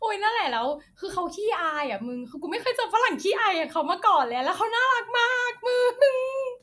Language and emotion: Thai, happy